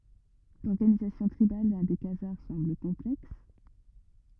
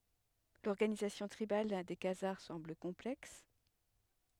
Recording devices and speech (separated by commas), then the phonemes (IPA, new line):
rigid in-ear microphone, headset microphone, read sentence
lɔʁɡanizasjɔ̃ tʁibal de kazaʁ sɑ̃bl kɔ̃plɛks